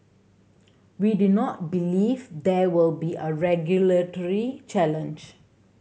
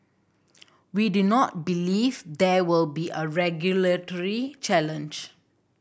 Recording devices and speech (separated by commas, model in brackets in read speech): mobile phone (Samsung C7100), boundary microphone (BM630), read sentence